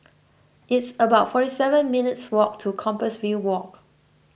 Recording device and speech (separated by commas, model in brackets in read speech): boundary microphone (BM630), read sentence